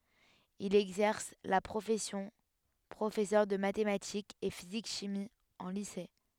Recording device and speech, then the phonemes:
headset microphone, read sentence
il ɛɡzɛʁs la pʁofɛsjɔ̃ pʁofɛsœʁ də matematikz e fizik ʃimi ɑ̃ lise

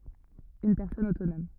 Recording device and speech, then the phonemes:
rigid in-ear microphone, read sentence
yn pɛʁsɔn otonɔm

